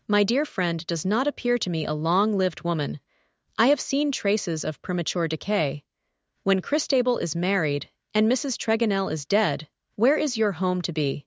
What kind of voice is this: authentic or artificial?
artificial